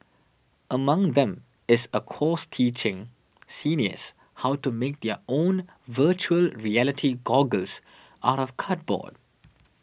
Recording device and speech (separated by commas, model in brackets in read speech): boundary microphone (BM630), read sentence